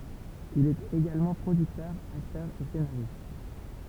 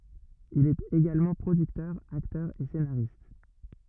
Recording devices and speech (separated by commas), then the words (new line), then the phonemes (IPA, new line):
temple vibration pickup, rigid in-ear microphone, read sentence
Il est également producteur, acteur et scénariste.
il ɛt eɡalmɑ̃ pʁodyktœʁ aktœʁ e senaʁist